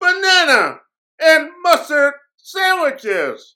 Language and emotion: English, disgusted